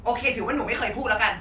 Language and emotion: Thai, angry